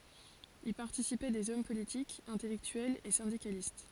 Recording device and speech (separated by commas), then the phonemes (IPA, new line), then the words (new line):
forehead accelerometer, read sentence
i paʁtisipɛ dez ɔm politikz ɛ̃tɛlɛktyɛlz e sɛ̃dikalist
Y participaient des hommes politiques, intellectuels et syndicalistes.